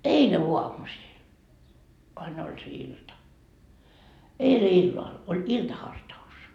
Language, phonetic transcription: Finnish, "eile 'oamusil , vain 'oĺ se 'ilta , 'eile 'illal , oĺ "ilta'harta₍us .
- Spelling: eilen aamusilla vain oli se ilta eilen illalla oli iltahartaus

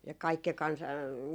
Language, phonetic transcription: Finnish, ja 'kaikke 'kansa ,.
- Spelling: ja kaikki kansa

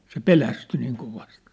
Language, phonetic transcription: Finnish, se "pelästy niiŋ 'kovast .
- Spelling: se pelästyi niin kovasti

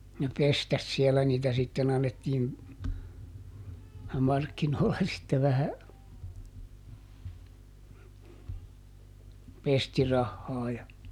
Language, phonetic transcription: Finnish, ne ˈpestäs siɛlä niitä sitten ‿annettiin , ˈmarkkinoolla sitte vähä , ˈpestirahhaa ja ,.
- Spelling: ne pestasi siellä niitä sitten annettiin markkinoilla sitten vähän pestirahaa ja

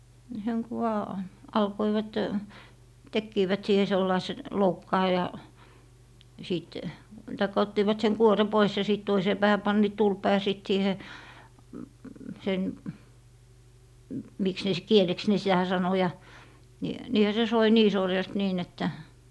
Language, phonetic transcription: Finnish, seŋ ku vaa , 'alkoivat , 'tekkiivät 'siihe 'sellaise , "loukkaa ja , 'sìt , taikka 'ottiivat seŋ 'kuore "pois ja sìt 'toisee 'päähä 'panniit "tulpa ja 'sìt 'siihe , sen , 'miks ne s- , "kieleks ne sitä 'sano ja , ni , 'niihä se soi "nii 'sorjast 'nii'n ‿että .
- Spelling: sen kun vain alkoivat tekivät siihen sellaisen loukkaan ja sitten tai ottivat sen kuoren pois ja sitten toiseen päähän panivat tulpan ja sitten siihen sen miksi ne - kieleksi ne sitä sanoi ja niin niinhän se soi niin sorjasti niin että

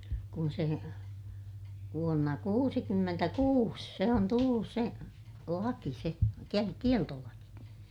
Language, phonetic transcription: Finnish, kun se , vuonna kuusikymmentäkuus , se on tullus se , laki se , ke- , kieltolaki .
- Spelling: kun se vuonna kuusikymmentäkuusi se on tullut se laki se - kieltolaki

